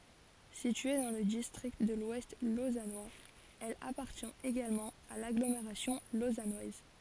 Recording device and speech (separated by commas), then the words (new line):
forehead accelerometer, read sentence
Située dans le district de l'Ouest lausannois, elle appartient également à l'agglomération lausannoise.